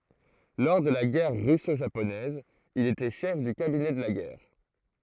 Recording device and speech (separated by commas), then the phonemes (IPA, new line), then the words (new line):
throat microphone, read sentence
lɔʁ də la ɡɛʁ ʁysoʒaponɛz il etɛ ʃɛf dy kabinɛ də la ɡɛʁ
Lors de la Guerre russo-japonaise, il était chef du cabinet de la guerre.